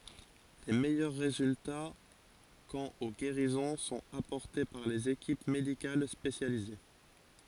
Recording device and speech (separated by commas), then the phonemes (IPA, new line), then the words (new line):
forehead accelerometer, read sentence
le mɛjœʁ ʁezylta kɑ̃t o ɡeʁizɔ̃ sɔ̃t apɔʁte paʁ lez ekip medikal spesjalize
Les meilleurs résultats quant aux guérisons sont apportés par les équipes médicales spécialisées.